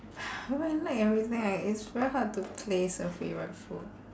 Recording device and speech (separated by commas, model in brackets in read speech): standing microphone, conversation in separate rooms